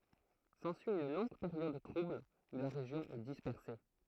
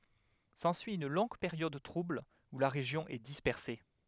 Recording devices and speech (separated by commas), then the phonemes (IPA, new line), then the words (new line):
throat microphone, headset microphone, read sentence
sɑ̃syi yn lɔ̃ɡ peʁjɔd tʁubl u la ʁeʒjɔ̃ ɛ dispɛʁse
S'ensuit une longue période trouble où la région est dispersée.